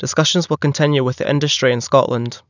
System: none